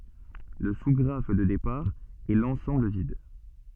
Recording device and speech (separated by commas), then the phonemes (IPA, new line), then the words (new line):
soft in-ear microphone, read sentence
lə su ɡʁaf də depaʁ ɛ lɑ̃sɑ̃bl vid
Le sous-graphe de départ est l'ensemble vide.